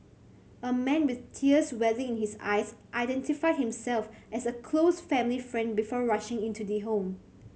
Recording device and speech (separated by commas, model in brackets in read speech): mobile phone (Samsung C7100), read sentence